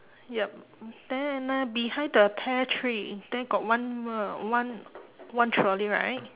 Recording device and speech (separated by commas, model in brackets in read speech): telephone, conversation in separate rooms